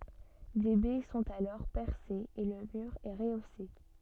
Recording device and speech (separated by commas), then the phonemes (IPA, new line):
soft in-ear microphone, read sentence
de bɛ sɔ̃t alɔʁ pɛʁsez e lə myʁ ɛ ʁəose